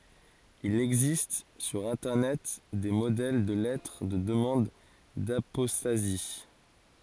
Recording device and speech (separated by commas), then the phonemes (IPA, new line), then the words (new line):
forehead accelerometer, read sentence
il ɛɡzist syʁ ɛ̃tɛʁnɛt de modɛl də lɛtʁ də dəmɑ̃d dapɔstazi
Il existe sur internet, des modèles de lettres de demande d'apostasie.